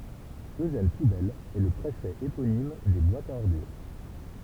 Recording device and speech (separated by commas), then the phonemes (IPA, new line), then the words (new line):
temple vibration pickup, read sentence
øʒɛn pubɛl ɛ lə pʁefɛ eponim de bwatz a ɔʁdyʁ
Eugène Poubelle est le préfet éponyme des boîtes à ordures.